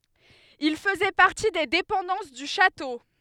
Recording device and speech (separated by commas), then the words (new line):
headset microphone, read sentence
Il faisait partie des dépendances du château.